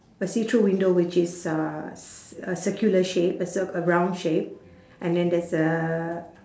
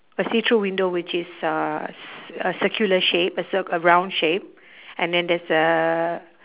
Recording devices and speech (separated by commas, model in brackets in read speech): standing microphone, telephone, conversation in separate rooms